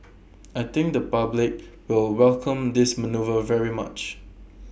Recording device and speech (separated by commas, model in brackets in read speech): boundary microphone (BM630), read sentence